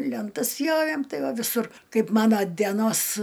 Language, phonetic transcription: Lithuanian, lenˈtas ˈpjovėm ˈtai ˈva viˈsur ˈkaip ˈmano dieˈnos

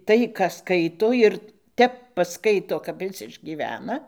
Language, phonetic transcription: Lithuanian, ˈtai ką ˈskaito ˈir ˈtep paˈskaito kap ˈis išgyˈvena

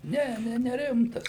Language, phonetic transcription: Lithuanian, ˈne ˈne neˈrimtas

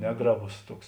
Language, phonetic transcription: Lithuanian, ˈnegraˌbos ˈtuoks

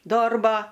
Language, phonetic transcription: Lithuanian, ˈdorbo

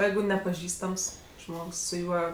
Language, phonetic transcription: Lithuanian, ˈjeigu nepaˈžįstams ˈžmogs su ˈjuo

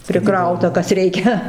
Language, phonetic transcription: Lithuanian, priˈkrauta ˈkas ˈreikia

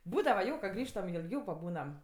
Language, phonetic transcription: Lithuanian, ˈbūdava ˈjo ka ˈgrįžtam i ilˈgiau paˈbūnam

